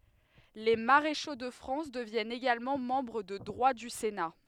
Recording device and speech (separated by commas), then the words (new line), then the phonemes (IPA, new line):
headset microphone, read sentence
Les maréchaux de France deviennent également membres de droit du Sénat.
le maʁeʃo də fʁɑ̃s dəvjɛnt eɡalmɑ̃ mɑ̃bʁ də dʁwa dy sena